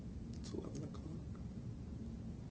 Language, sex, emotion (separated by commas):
English, male, neutral